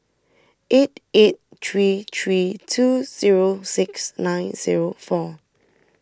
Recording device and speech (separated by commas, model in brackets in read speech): standing microphone (AKG C214), read sentence